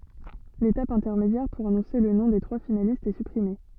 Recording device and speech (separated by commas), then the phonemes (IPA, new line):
soft in-ear microphone, read sentence
letap ɛ̃tɛʁmedjɛʁ puʁ anɔ̃se lə nɔ̃ de tʁwa finalistz ɛ sypʁime